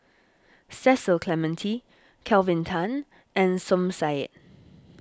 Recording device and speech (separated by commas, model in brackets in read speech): standing microphone (AKG C214), read sentence